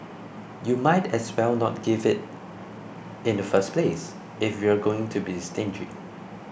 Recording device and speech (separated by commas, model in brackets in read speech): boundary microphone (BM630), read sentence